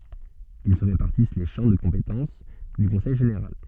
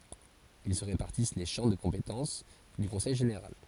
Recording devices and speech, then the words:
soft in-ear microphone, forehead accelerometer, read sentence
Ils se répartissent les champs de compétences du conseil général.

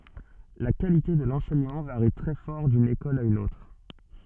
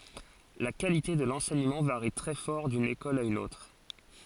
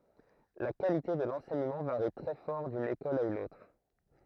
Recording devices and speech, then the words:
soft in-ear microphone, forehead accelerometer, throat microphone, read sentence
La qualité de l'enseignement varie très fort d'une école à une autre.

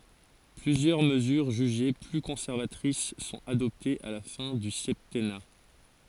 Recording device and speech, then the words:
forehead accelerometer, read sentence
Plusieurs mesures jugées plus conservatrices sont adoptées à la fin du septennat.

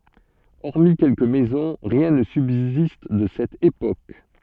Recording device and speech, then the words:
soft in-ear microphone, read sentence
Hormis quelques maisons, rien ne subsiste de cette époque.

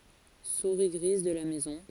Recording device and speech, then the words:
forehead accelerometer, read sentence
Souris grise de la maison.

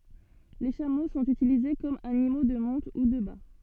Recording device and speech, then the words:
soft in-ear microphone, read sentence
Les chameaux sont utilisés comme animaux de monte ou de bât.

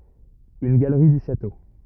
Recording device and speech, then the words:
rigid in-ear microphone, read sentence
Une galerie du château.

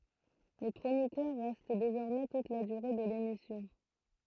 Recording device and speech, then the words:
throat microphone, read sentence
Les chroniqueurs restent désormais toute la durée de l'émission.

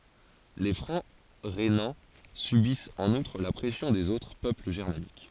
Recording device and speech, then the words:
forehead accelerometer, read sentence
Les Francs rhénans subissent en outre la pression des autres peuples germaniques.

